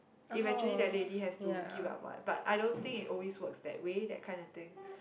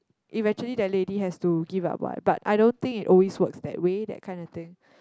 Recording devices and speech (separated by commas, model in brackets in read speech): boundary microphone, close-talking microphone, conversation in the same room